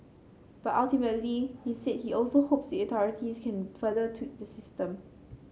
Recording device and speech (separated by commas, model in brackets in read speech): mobile phone (Samsung C7), read sentence